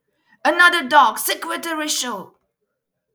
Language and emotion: English, sad